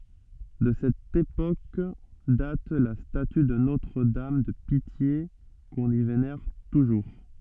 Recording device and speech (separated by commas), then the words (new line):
soft in-ear microphone, read sentence
De cette époque date la statue de Notre-Dame de Pitié qu'on y vénère toujours.